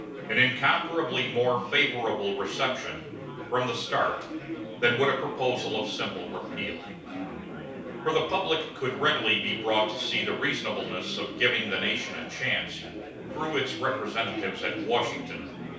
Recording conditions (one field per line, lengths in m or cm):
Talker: one person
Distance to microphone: 3.0 m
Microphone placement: far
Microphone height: 1.8 m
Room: small (3.7 m by 2.7 m)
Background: babble